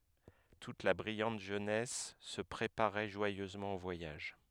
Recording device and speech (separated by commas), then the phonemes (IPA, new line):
headset microphone, read sentence
tut la bʁijɑ̃t ʒønɛs sə pʁepaʁɛ ʒwajøzmɑ̃ o vwajaʒ